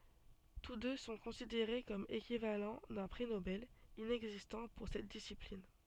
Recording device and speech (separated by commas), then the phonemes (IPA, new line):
soft in-ear microphone, read sentence
tus dø sɔ̃ kɔ̃sideʁe kɔm ekivalɑ̃ dœ̃ pʁi nobɛl inɛɡzistɑ̃ puʁ sɛt disiplin